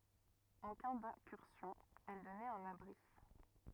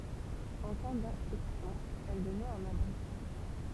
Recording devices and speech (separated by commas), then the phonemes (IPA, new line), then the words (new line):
rigid in-ear microphone, temple vibration pickup, read sentence
ɑ̃ ka dɛ̃kyʁsjɔ̃ ɛl dɔnɛt œ̃n abʁi
En cas d'incursion, elle donnait un abri.